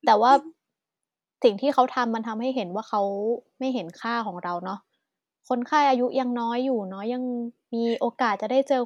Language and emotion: Thai, neutral